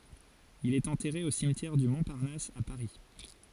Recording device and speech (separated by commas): forehead accelerometer, read sentence